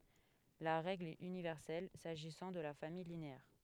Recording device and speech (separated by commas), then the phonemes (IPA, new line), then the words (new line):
headset microphone, read sentence
la ʁɛɡl ɛt ynivɛʁsɛl saʒisɑ̃ də la famij lineɛʁ
La règle est universelle s'agissant de la famille linéaire.